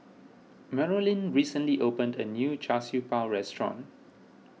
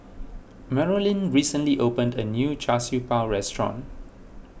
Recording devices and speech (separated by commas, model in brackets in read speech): mobile phone (iPhone 6), boundary microphone (BM630), read sentence